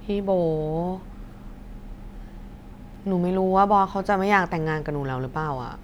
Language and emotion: Thai, frustrated